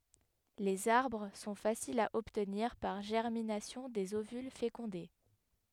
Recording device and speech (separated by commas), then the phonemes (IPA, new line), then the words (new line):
headset microphone, read sentence
lez aʁbʁ sɔ̃ fasilz a ɔbtniʁ paʁ ʒɛʁminasjɔ̃ dez ovyl fekɔ̃de
Les arbres sont faciles à obtenir par germination des ovules fécondés.